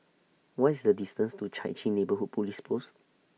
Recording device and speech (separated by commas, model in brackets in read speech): mobile phone (iPhone 6), read sentence